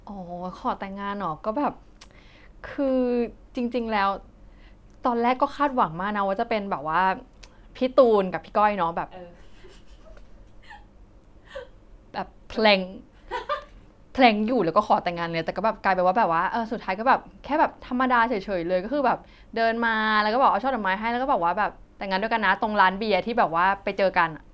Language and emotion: Thai, happy